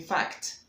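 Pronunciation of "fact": In 'fact', the t at the end is a true T and is clearly heard.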